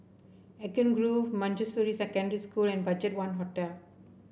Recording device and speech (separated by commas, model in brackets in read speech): boundary microphone (BM630), read sentence